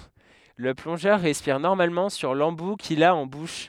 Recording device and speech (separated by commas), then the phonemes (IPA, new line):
headset microphone, read sentence
lə plɔ̃ʒœʁ ʁɛspiʁ nɔʁmalmɑ̃ syʁ lɑ̃bu kil a ɑ̃ buʃ